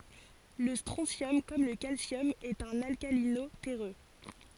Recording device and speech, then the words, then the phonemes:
forehead accelerometer, read sentence
Le strontium, comme le calcium, est un alcalino-terreux.
lə stʁɔ̃sjɔm kɔm lə kalsjɔm ɛt œ̃n alkalino tɛʁø

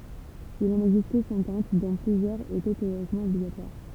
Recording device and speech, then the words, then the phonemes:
temple vibration pickup, read sentence
Il en existait cinquante dont plusieurs étaient théoriquement obligatoires.
il ɑ̃n ɛɡzistɛ sɛ̃kɑ̃t dɔ̃ plyzjœʁz etɛ teoʁikmɑ̃ ɔbliɡatwaʁ

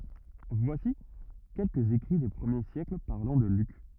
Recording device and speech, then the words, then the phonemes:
rigid in-ear microphone, read sentence
Voici quelques écrits des premiers siècles parlant de Luc.
vwasi kɛlkəz ekʁi de pʁəmje sjɛkl paʁlɑ̃ də lyk

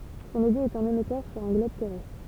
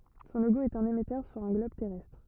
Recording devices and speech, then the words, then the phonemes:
temple vibration pickup, rigid in-ear microphone, read sentence
Son logo est un émetteur sur un globe terrestre.
sɔ̃ loɡo ɛt œ̃n emɛtœʁ syʁ œ̃ ɡlɔb tɛʁɛstʁ

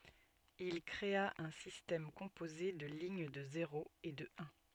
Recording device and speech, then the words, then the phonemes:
soft in-ear microphone, read sentence
Il créa un système composé de lignes de zéros et de uns.
il kʁea œ̃ sistɛm kɔ̃poze də liɲ də zeʁoz e də œ̃

